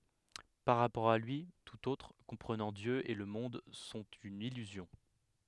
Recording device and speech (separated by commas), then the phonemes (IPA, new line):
headset microphone, read sentence
paʁ ʁapɔʁ a lyi tut otʁ kɔ̃pʁənɑ̃ djø e lə mɔ̃d sɔ̃t yn ilyzjɔ̃